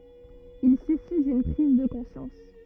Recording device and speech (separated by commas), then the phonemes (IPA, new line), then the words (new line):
rigid in-ear microphone, read sentence
il syfi dyn pʁiz də kɔ̃sjɑ̃s
Il suffit d'une prise de conscience.